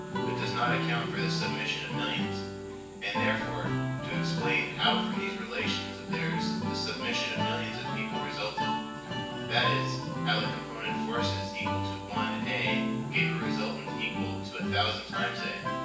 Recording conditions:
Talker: one person; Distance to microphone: 9.8 m; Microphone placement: far; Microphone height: 1.8 m; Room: large; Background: music

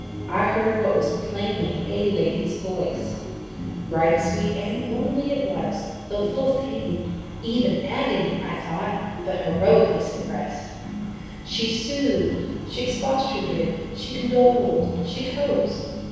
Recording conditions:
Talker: one person; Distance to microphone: 7.1 m; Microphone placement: far; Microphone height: 1.7 m; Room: very reverberant, large; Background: music

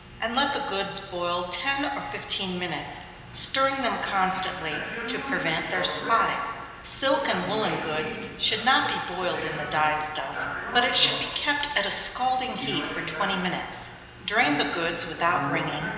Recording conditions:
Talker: one person; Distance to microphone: 1.7 m; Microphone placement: close; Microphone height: 1.0 m; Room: very reverberant, large; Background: television

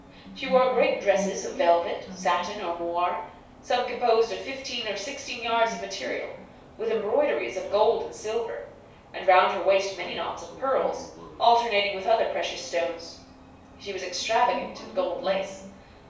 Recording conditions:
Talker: one person; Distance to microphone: 3.0 m; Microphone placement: far; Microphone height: 1.8 m; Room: small (3.7 m by 2.7 m); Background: television

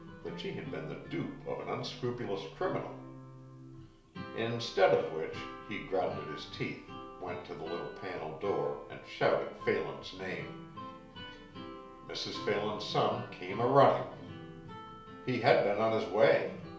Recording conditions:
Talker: one person; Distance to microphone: 1.0 m; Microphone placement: close; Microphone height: 1.1 m; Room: small (3.7 m by 2.7 m); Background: music

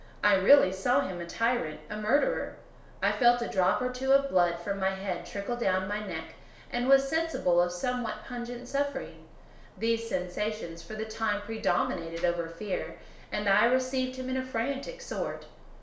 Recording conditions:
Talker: one person; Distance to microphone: 1.0 m; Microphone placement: close; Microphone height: 1.1 m; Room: small (3.7 m by 2.7 m); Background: none

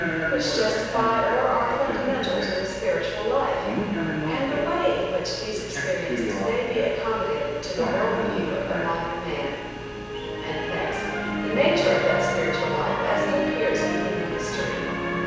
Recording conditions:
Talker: one person; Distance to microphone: 7.1 m; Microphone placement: far; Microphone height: 1.7 m; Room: very reverberant, large; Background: television

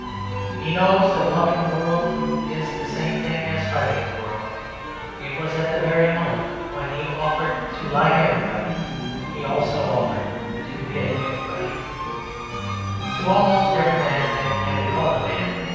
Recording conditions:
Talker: one person; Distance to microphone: 7.1 m; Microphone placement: far; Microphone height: 1.7 m; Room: very reverberant, large; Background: music

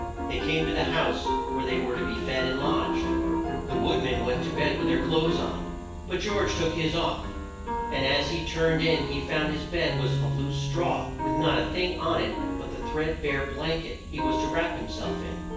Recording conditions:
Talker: one person; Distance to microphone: 9.8 m; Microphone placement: far; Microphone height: 1.8 m; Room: large; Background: music

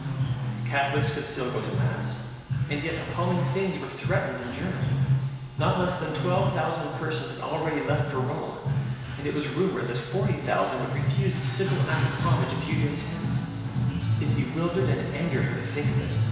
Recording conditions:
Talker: one person; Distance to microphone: 1.7 m; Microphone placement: close; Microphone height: 1.0 m; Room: very reverberant, large; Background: music

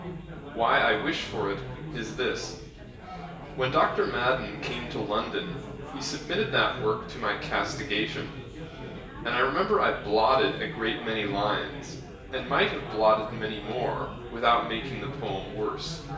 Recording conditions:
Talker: one person; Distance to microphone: 1.8 m; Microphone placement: close; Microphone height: 1.0 m; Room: large; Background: babble

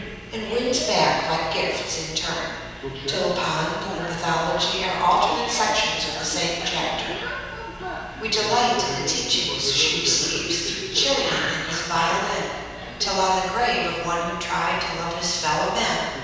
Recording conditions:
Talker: one person; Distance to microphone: 7.1 m; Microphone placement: far; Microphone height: 1.7 m; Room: very reverberant, large; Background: television

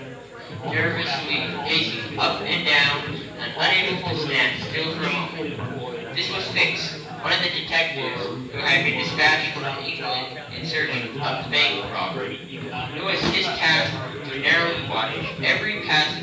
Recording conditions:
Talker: one person; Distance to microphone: 9.8 m; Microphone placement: far; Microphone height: 1.8 m; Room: large; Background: babble

